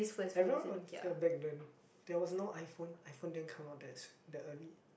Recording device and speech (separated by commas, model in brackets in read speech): boundary microphone, conversation in the same room